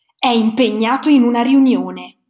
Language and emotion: Italian, angry